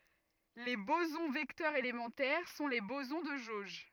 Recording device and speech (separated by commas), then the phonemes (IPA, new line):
rigid in-ear microphone, read sentence
le bozɔ̃ vɛktœʁz elemɑ̃tɛʁ sɔ̃ le bozɔ̃ də ʒoʒ